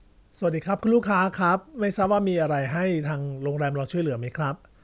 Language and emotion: Thai, happy